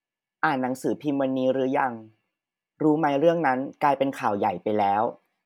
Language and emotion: Thai, neutral